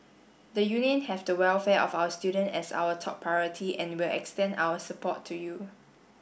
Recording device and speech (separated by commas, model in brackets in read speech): boundary microphone (BM630), read sentence